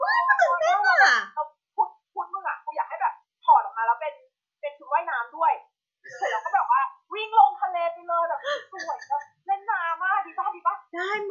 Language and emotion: Thai, happy